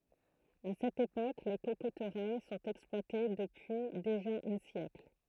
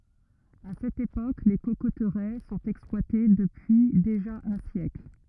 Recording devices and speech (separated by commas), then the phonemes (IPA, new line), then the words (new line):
throat microphone, rigid in-ear microphone, read sentence
a sɛt epok le kokotʁɛ sɔ̃t ɛksplwate dəpyi deʒa œ̃ sjɛkl
À cette époque, les cocoteraies sont exploitées depuis déjà un siècle.